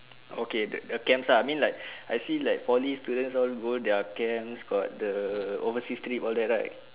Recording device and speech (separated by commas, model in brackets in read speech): telephone, conversation in separate rooms